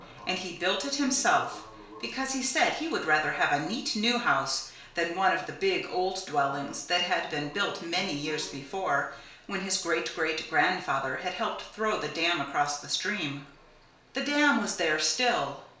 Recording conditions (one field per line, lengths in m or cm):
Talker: one person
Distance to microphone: 1.0 m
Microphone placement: close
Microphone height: 1.1 m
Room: small (3.7 m by 2.7 m)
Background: television